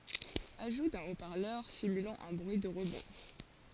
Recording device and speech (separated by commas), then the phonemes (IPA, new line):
forehead accelerometer, read sentence
aʒu dœ̃ o paʁlœʁ simylɑ̃ œ̃ bʁyi də ʁəbɔ̃